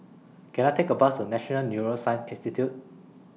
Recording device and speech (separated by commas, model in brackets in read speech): mobile phone (iPhone 6), read sentence